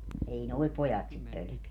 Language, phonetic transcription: Finnish, 'ei "noi̮ 'pojat sit 'pölᵒ̈keä .
- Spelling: ei nuo pojat sitä pelkää

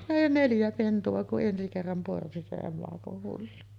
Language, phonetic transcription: Finnish, 'neljä pentu₍a ku’ '’ensi kerram porsi se 'emakoh hullu .
- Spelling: neljä pentua kun ensi kerran porsi se emakon hullu

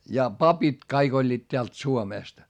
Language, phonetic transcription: Finnish, ja papit kaik ‿oĺĺiit teält Suomèst .
- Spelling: ja papit kaikki olivat täältä Suomesta

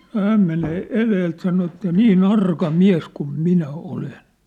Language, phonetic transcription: Finnish, nŏ 'hääm menee 'eleelt sano että » "nii"n ‿arka "miäs 'kum "minä "olen . «
- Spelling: no hän menee edeltä sanoi että niin arka mies kun minä olen

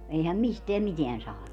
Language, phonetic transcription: Finnish, 'eihäm "misteäm "miteän saanu .
- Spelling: eihän mistään mitään saanut

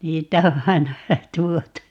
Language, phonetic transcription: Finnish, 'niitä o 'ai̮na 'vähä "tuotu (ja) ,.
- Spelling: niitä on aina vähän tuotu ja

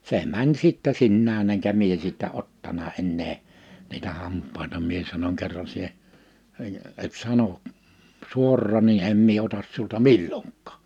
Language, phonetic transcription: Finnish, 'se mäń sittɛ 'sinnään ‿eŋkä 'mie sittä 'ottana 'ennee , niitä 'hamp̆paita 'mie sanoŋ » 'kerran sie , et 'sano , 'suorrà ni '’em mie 'otas siulta "milloŋk̀aa « .
- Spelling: se meni sitten sinänsä enkä minä sitten ottanut enää niitä hampaita minä sanon kerran sinä et sano suoraan niin en minä ota sinulta milloinkaan

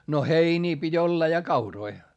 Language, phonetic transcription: Finnish, no heinii pit́ ‿olla ja kauroi .
- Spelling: no heiniä piti olla ja kauroja

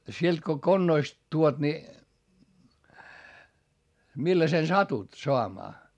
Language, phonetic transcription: Finnish, sielt ko konnoist tuot ni , millasen satut soamaa .
- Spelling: sieltä kun konnoista tuot niin millaisen satut saamaan

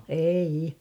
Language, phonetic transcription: Finnish, 'eiʲi .
- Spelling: ei

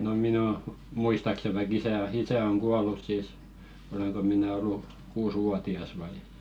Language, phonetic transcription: Finnish, no 'minᵃ̈ o- , 'muistakse vaik 'isä o "isä oŋ 'kual̆lus sìs , 'oleŋko mⁱnä ollu , 'kuus"wuati₍as vai .
- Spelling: no minä - muistaakseni vaikka isä on isä on kuollut sitten olenko minä ollut kuusivuotias vai

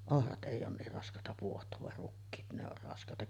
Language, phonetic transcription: Finnish, 'ohrat '’èi oon 'niir rask̀àeta puoht̀oov var 'rukkiit ne ‿or rask̀àeta .
- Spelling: ohrat ei ole niin raskaita pohtaa vaan rukiit ne on raskaita

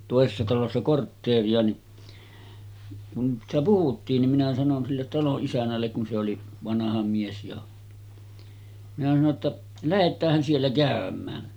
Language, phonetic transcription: Finnish, tòesessa talossa 'kortteeri₍a ni , kun sitä 'puhuttiin nim minä sanon sillet 'taloˀ 'ˀisän̆nällek kun se oli , 'vanaha mies jo , minä sano ‿tta , » 'lähet̆täähän siellä 'kä̀öm̆mää « .
- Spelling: toisessa talossa kortteeria niin kun sitä puhuttiin niin minä sanoin sille talon isännälle kun se oli vanha mies jo minä sanoin jotta lähdetäänhän siellä käymään

